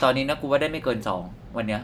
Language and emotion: Thai, frustrated